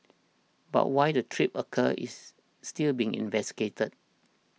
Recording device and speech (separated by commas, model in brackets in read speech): mobile phone (iPhone 6), read sentence